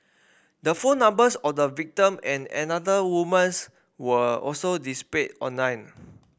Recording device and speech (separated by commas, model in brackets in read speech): boundary microphone (BM630), read sentence